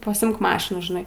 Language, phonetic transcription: Lithuanian, pasiˈimk ˈmašinų žiˈnai

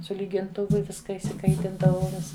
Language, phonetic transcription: Lithuanian, su lyginˈtuvu ˈviska išsiˈkaitindavau ˈvis

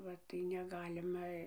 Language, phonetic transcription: Lithuanian, ˈva tai neˈgalima

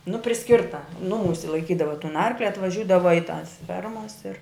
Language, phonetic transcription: Lithuanian, nu priˈskirta ˈnuˌmūsi laiˈkydava tun ˈarkli atvaˈžiūdava i tas ˈfermas ir

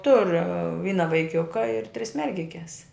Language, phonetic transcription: Lithuanian, tur ˈvyna vaiˈkiuka ir tris ˈmergikes

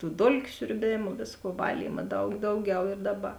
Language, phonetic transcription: Lithuanian, tų ˈdolkiu siurˈbėmu ˈvėsˌkuo ˈvalyma ˈdaug ˈdauˌgiau ir ˈdaˌba

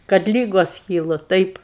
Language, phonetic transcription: Lithuanian, kad ˈlygos ˈkylu ˈtaip

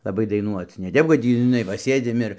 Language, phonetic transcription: Lithuanian, laˈbai daiˈnuoc ne ˈtep kad ˈtį žiˈnai va ˈsėdim ir

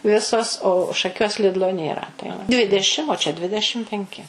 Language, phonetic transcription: Lithuanian, ˈvisos o šaˈkiuos ˈlidlo nėˈra tai va ˈdvidešim o čia ˈdvidešim penˈki

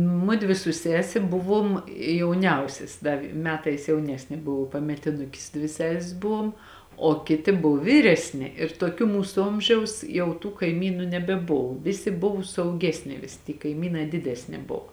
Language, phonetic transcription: Lithuanian, ˈmudvi su ˈsese ˈbuˌvuom jauˈniausias ˈda v ˈmetais jauˈnesnė ˈbuvo pametiˈnukis ˈdvi ˈsesis ˈbuvuom o ˈkiti ˈbuv ˈvyresni ir toˈkių ˈmūsu ˈomžiaus ˈjau tų kaiˈmynų nebeˈbov ˈvisi ˈbuvu suauˈgesni ˈvisi ty kaiˈmynai ˈdidesni ˈbov

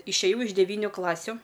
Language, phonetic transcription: Lithuanian, išėˈjau iš deˈvyniu ˈklasiu

